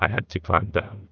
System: TTS, neural waveform model